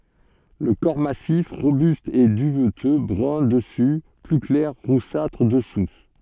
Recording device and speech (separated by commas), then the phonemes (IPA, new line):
soft in-ear microphone, read sentence
lə kɔʁ masif ʁobyst ɛ dyvtø bʁœ̃ dəsy ply klɛʁ ʁusatʁ dəsu